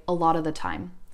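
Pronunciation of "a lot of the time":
In 'a lot of the time', the word 'of' is reduced to an uh sound.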